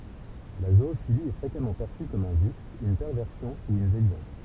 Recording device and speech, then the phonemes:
temple vibration pickup, read sentence
la zoofili ɛ fʁekamɑ̃ pɛʁsy kɔm œ̃ vis yn pɛʁvɛʁsjɔ̃ u yn devjɑ̃s

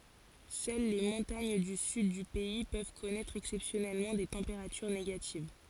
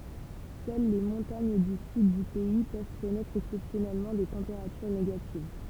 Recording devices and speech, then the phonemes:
forehead accelerometer, temple vibration pickup, read sentence
sœl le mɔ̃taɲ dy syd dy pɛi pøv kɔnɛtʁ ɛksɛpsjɔnɛlmɑ̃ de tɑ̃peʁatyʁ neɡativ

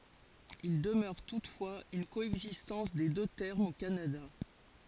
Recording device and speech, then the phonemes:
forehead accelerometer, read sentence
il dəmœʁ tutfwaz yn koɛɡzistɑ̃s de dø tɛʁmz o kanada

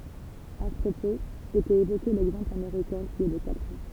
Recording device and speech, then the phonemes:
temple vibration pickup, read sentence
a sə pʁopoz etɛt evoke lɛɡzɑ̃pl ameʁikɛ̃ ki ɛ də katʁ ɑ̃

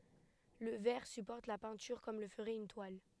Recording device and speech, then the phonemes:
headset microphone, read sentence
lə vɛʁ sypɔʁt la pɛ̃tyʁ kɔm lə fəʁɛt yn twal

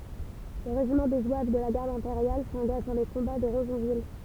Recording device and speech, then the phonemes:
temple vibration pickup, read sentence
lə ʁeʒimɑ̃ de zwav də la ɡaʁd ɛ̃peʁjal sɑ̃ɡaʒ dɑ̃ le kɔ̃ba də ʁəzɔ̃vil

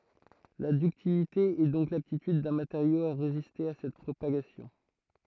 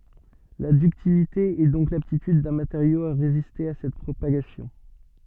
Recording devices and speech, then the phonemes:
throat microphone, soft in-ear microphone, read sentence
la dyktilite ɛ dɔ̃k laptityd dœ̃ mateʁjo a ʁeziste a sɛt pʁopaɡasjɔ̃

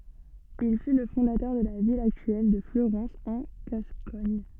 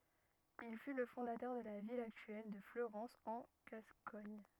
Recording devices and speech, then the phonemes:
soft in-ear microphone, rigid in-ear microphone, read sentence
il fy lə fɔ̃datœʁ də la vil aktyɛl də fløʁɑ̃s ɑ̃ ɡaskɔɲ

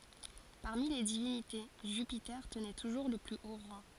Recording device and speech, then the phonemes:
forehead accelerometer, read sentence
paʁmi le divinite ʒypite tənɛ tuʒuʁ lə ply o ʁɑ̃

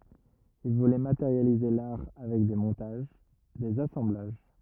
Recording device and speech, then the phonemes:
rigid in-ear microphone, read sentence
il vulɛ mateʁjalize laʁ avɛk de mɔ̃taʒ dez asɑ̃blaʒ

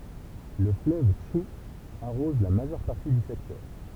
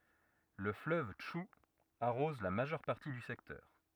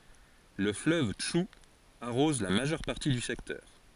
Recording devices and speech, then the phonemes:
temple vibration pickup, rigid in-ear microphone, forehead accelerometer, read sentence
lə fløv tʃu aʁɔz la maʒœʁ paʁti dy sɛktœʁ

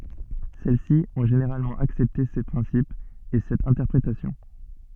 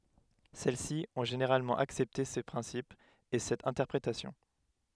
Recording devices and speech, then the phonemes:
soft in-ear microphone, headset microphone, read sentence
sɛl si ɔ̃ ʒeneʁalmɑ̃ aksɛpte se pʁɛ̃sipz e sɛt ɛ̃tɛʁpʁetasjɔ̃

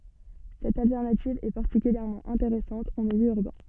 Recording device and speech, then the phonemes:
soft in-ear microphone, read sentence
sɛt altɛʁnativ ɛ paʁtikyljɛʁmɑ̃ ɛ̃teʁɛsɑ̃t ɑ̃ miljø yʁbɛ̃

